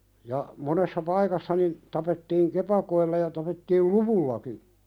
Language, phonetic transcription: Finnish, ja , 'monessa 'paikassa nin , tapettiiŋ "kepakoilla ja tapettiil "luvullaki .
- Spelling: ja monessa paikassa niin tapettiin kepakoilla ja tapettiin luvullakin

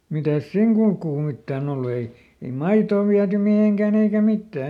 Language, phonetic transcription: Finnish, mitäs "sìŋ kulkuu ˈmittääˈn ‿ollu ei , ei "maitoo viäty ˈmiheŋkä̀n ‿eikä ˈmittää .
- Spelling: mitäs siinä kulkua mitään ollut ei ei maitoa viety mihinkään eikä mitään

